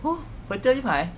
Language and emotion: Thai, frustrated